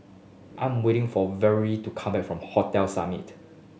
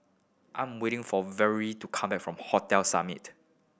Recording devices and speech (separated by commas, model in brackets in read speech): mobile phone (Samsung S8), boundary microphone (BM630), read sentence